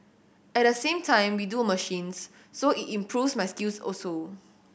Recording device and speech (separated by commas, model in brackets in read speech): boundary microphone (BM630), read sentence